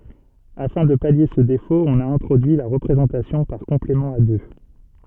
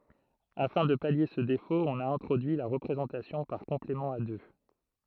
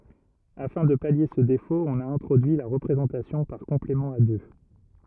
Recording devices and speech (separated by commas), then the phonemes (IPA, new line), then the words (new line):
soft in-ear microphone, throat microphone, rigid in-ear microphone, read sentence
afɛ̃ də palje sə defot ɔ̃n a ɛ̃tʁodyi la ʁəpʁezɑ̃tasjɔ̃ paʁ kɔ̃plemɑ̃ a dø
Afin de pallier ce défaut, on a introduit la représentation par complément à deux.